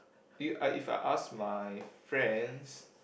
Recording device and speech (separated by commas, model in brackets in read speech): boundary microphone, conversation in the same room